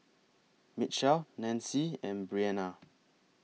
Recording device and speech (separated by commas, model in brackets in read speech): mobile phone (iPhone 6), read sentence